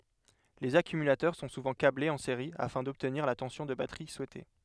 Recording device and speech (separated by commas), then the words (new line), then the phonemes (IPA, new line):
headset microphone, read sentence
Les accumulateurs sont souvent câblés en série afin d'obtenir la tension de batterie souhaitée.
lez akymylatœʁ sɔ̃ suvɑ̃ kablez ɑ̃ seʁi afɛ̃ dɔbtniʁ la tɑ̃sjɔ̃ də batʁi suɛte